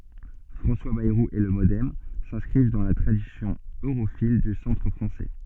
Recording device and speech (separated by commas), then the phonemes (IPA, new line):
soft in-ear microphone, read sentence
fʁɑ̃swa bɛʁu e lə modɛm sɛ̃skʁiv dɑ̃ la tʁadisjɔ̃ øʁofil dy sɑ̃tʁ fʁɑ̃sɛ